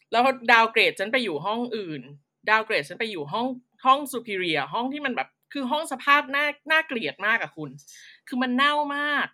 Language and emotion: Thai, frustrated